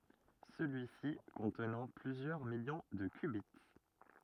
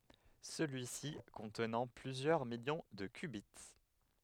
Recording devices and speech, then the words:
rigid in-ear microphone, headset microphone, read sentence
Celui-ci contenant plusieurs millions de qubits.

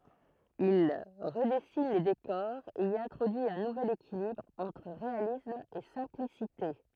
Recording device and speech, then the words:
throat microphone, read sentence
Il redessine les décors et y introduit un nouvel équilibre entre réalisme et simplicité.

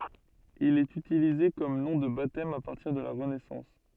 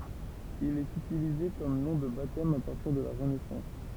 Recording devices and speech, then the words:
soft in-ear microphone, temple vibration pickup, read sentence
Il est utilisé comme nom de baptême à partir de la Renaissance.

